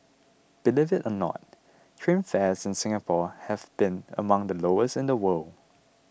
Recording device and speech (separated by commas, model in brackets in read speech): boundary microphone (BM630), read sentence